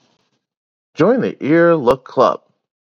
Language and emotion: English, happy